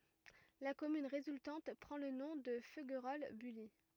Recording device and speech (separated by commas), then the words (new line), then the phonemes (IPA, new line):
rigid in-ear microphone, read sentence
La commune résultante prend le nom de Feuguerolles-Bully.
la kɔmyn ʁezyltɑ̃t pʁɑ̃ lə nɔ̃ də føɡʁɔl byli